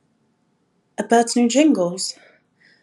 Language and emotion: English, surprised